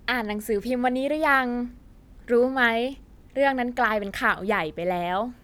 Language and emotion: Thai, neutral